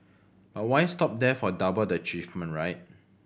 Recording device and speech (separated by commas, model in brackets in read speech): boundary microphone (BM630), read sentence